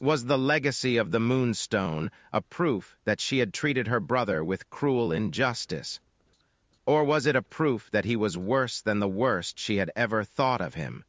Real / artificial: artificial